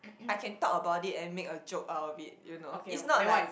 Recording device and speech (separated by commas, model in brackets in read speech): boundary microphone, conversation in the same room